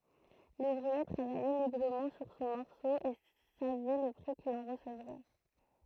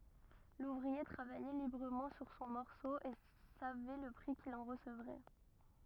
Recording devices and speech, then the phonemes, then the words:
throat microphone, rigid in-ear microphone, read sentence
luvʁie tʁavajɛ libʁəmɑ̃ syʁ sɔ̃ mɔʁso e savɛ lə pʁi kil ɑ̃ ʁəsəvʁɛ
L'ouvrier travaillait librement sur son morceau et savait le prix qu'il en recevrait.

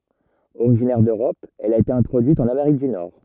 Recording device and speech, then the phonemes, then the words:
rigid in-ear microphone, read sentence
oʁiʒinɛʁ døʁɔp ɛl a ete ɛ̃tʁodyit ɑ̃n ameʁik dy nɔʁ
Originaire d'Europe, elle a été introduite en Amérique du Nord.

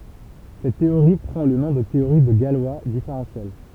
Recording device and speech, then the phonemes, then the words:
temple vibration pickup, read sentence
sɛt teoʁi pʁɑ̃ lə nɔ̃ də teoʁi də ɡalwa difeʁɑ̃sjɛl
Cette théorie prend le nom de théorie de Galois différentielle.

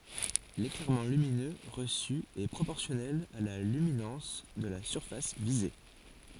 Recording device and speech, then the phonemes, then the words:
forehead accelerometer, read sentence
leklɛʁmɑ̃ lyminø ʁəsy ɛ pʁopɔʁsjɔnɛl a la lyminɑ̃s də la syʁfas vize
L'éclairement lumineux reçu est proportionnel à la luminance de la surface visée.

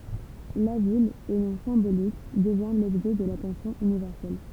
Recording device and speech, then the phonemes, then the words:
temple vibration pickup, read sentence
la vil o nɔ̃ sɛ̃bolik dəvjɛ̃ lɔbʒɛ də latɑ̃sjɔ̃ ynivɛʁsɛl
La ville, au nom symbolique, devient l'objet de l'attention universelle.

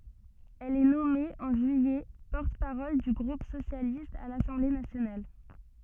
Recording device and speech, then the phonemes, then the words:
soft in-ear microphone, read sentence
ɛl ɛ nɔme ɑ̃ ʒyijɛ pɔʁt paʁɔl dy ɡʁup sosjalist a lasɑ̃ble nasjonal
Elle est nommée, en juillet, porte-parole du groupe socialiste à l'Assemblée nationale.

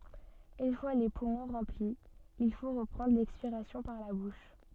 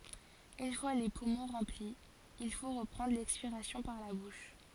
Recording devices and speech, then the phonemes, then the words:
soft in-ear microphone, forehead accelerometer, read sentence
yn fwa le pumɔ̃ ʁɑ̃pli il fo ʁəpʁɑ̃dʁ lɛkspiʁasjɔ̃ paʁ la buʃ
Une fois les poumons remplis, il faut reprendre l'expiration par la bouche.

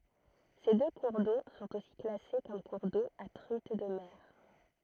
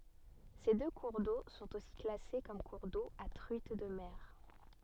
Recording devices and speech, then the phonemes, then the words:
throat microphone, soft in-ear microphone, read sentence
se dø kuʁ do sɔ̃t osi klase kɔm kuʁ do a tʁyit də mɛʁ
Ces deux cours d'eau sont aussi classés comme cours d'eau à truite de mer.

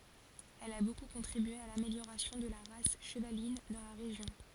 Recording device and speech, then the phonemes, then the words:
forehead accelerometer, read sentence
ɛl a boku kɔ̃tʁibye a lameljoʁasjɔ̃ də la ʁas ʃəvalin dɑ̃ la ʁeʒjɔ̃
Elle a beaucoup contribué à l'amélioration de la race chevaline dans la région.

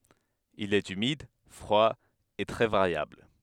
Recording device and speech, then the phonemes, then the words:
headset microphone, read sentence
il ɛt ymid fʁwa e tʁɛ vaʁjabl
Il est humide, froid et très variable.

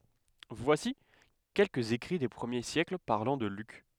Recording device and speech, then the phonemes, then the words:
headset microphone, read sentence
vwasi kɛlkəz ekʁi de pʁəmje sjɛkl paʁlɑ̃ də lyk
Voici quelques écrits des premiers siècles parlant de Luc.

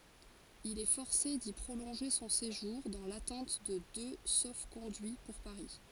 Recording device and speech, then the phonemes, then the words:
forehead accelerometer, read sentence
il ɛ fɔʁse di pʁolɔ̃ʒe sɔ̃ seʒuʁ dɑ̃ latɑ̃t də dø sofkɔ̃dyi puʁ paʁi
Il est forcé d'y prolonger son séjour, dans l'attente de deux sauf-conduits pour Paris.

